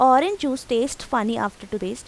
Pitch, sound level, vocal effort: 245 Hz, 87 dB SPL, normal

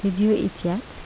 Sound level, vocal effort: 78 dB SPL, soft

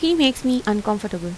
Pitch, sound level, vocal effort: 215 Hz, 84 dB SPL, normal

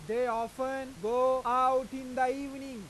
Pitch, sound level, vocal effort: 255 Hz, 101 dB SPL, loud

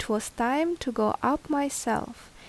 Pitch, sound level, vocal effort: 265 Hz, 76 dB SPL, normal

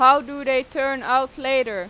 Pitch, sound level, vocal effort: 265 Hz, 95 dB SPL, very loud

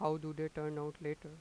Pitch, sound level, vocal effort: 155 Hz, 88 dB SPL, normal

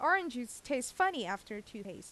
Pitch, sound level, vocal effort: 245 Hz, 89 dB SPL, loud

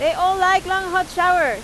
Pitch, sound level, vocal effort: 370 Hz, 99 dB SPL, very loud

